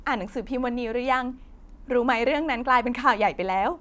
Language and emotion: Thai, happy